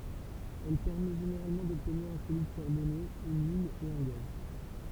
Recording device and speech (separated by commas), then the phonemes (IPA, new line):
temple vibration pickup, read sentence
ɛl pɛʁmɛ ʒeneʁalmɑ̃ dɔbtniʁ œ̃ solid kaʁbone yn yil e œ̃ ɡaz